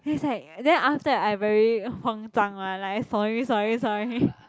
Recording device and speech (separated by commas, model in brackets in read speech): close-talking microphone, conversation in the same room